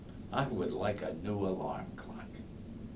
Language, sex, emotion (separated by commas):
English, male, neutral